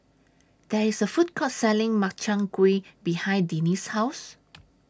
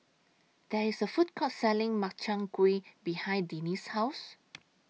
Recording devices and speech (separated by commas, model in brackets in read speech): standing microphone (AKG C214), mobile phone (iPhone 6), read sentence